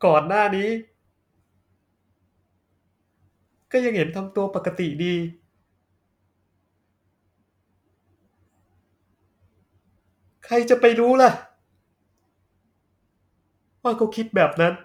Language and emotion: Thai, sad